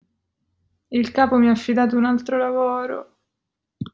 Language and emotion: Italian, sad